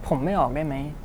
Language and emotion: Thai, neutral